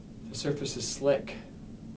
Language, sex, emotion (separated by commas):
English, male, neutral